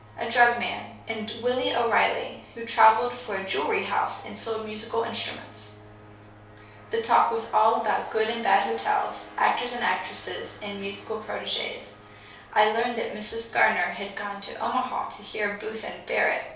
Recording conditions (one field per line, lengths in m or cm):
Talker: one person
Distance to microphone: 3.0 m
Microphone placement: far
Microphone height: 1.8 m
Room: small (3.7 m by 2.7 m)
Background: none